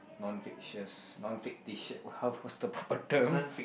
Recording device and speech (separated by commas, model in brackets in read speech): boundary microphone, conversation in the same room